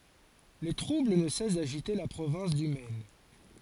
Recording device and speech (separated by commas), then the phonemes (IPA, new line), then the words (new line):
forehead accelerometer, read sentence
le tʁubl nə sɛs daʒite la pʁovɛ̃s dy mɛn
Les troubles ne cessent d'agiter la province du Maine.